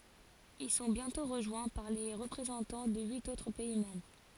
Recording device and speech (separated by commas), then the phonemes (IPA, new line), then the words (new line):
forehead accelerometer, read sentence
il sɔ̃ bjɛ̃tɔ̃ ʁəʒwɛ̃ paʁ le ʁəpʁezɑ̃tɑ̃ də yit otʁ pɛi mɑ̃bʁ
Ils sont bientôt rejoints par les représentants de huit autres pays membres.